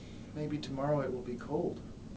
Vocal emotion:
neutral